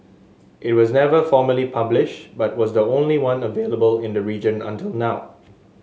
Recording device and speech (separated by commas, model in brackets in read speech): mobile phone (Samsung S8), read sentence